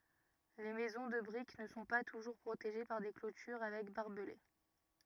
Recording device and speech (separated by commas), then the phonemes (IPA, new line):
rigid in-ear microphone, read sentence
le mɛzɔ̃ də bʁik nə sɔ̃ pa tuʒuʁ pʁoteʒe paʁ de klotyʁ avɛk baʁbəle